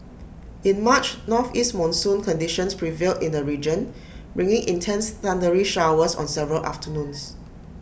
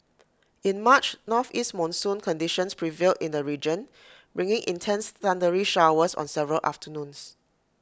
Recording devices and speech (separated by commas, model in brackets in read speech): boundary microphone (BM630), close-talking microphone (WH20), read sentence